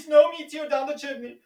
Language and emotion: English, fearful